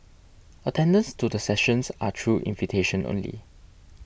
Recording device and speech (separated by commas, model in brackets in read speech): boundary microphone (BM630), read sentence